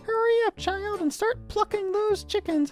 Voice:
high-pitched